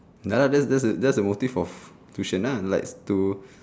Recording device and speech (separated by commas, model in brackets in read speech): standing microphone, conversation in separate rooms